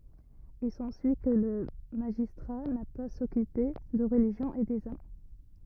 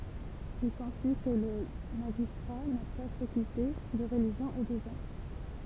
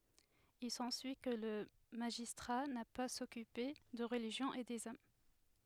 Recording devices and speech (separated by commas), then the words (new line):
rigid in-ear microphone, temple vibration pickup, headset microphone, read sentence
Il s'ensuit que le magistrat n'a pas à s'occuper de religion et des âmes.